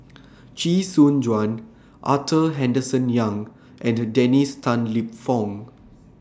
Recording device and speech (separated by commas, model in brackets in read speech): standing microphone (AKG C214), read sentence